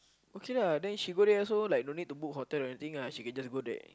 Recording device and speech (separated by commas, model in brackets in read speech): close-talking microphone, conversation in the same room